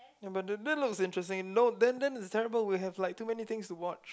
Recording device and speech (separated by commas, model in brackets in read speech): close-talking microphone, conversation in the same room